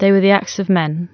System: none